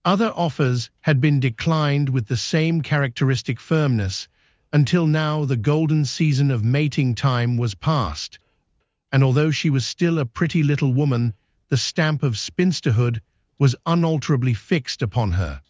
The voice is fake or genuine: fake